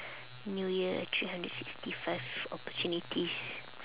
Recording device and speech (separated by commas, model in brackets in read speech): telephone, conversation in separate rooms